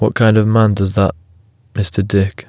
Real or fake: real